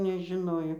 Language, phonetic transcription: Lithuanian, nežiˈnojo

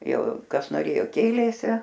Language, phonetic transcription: Lithuanian, ˈjau ˈkas noˈrėjo ˈkėlėsi

